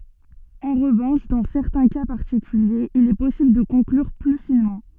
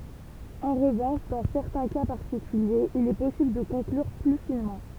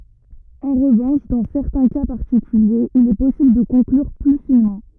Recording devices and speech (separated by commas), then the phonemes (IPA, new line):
soft in-ear microphone, temple vibration pickup, rigid in-ear microphone, read sentence
ɑ̃ ʁəvɑ̃ʃ dɑ̃ sɛʁtɛ̃ ka paʁtikyljez il ɛ pɔsibl də kɔ̃klyʁ ply finmɑ̃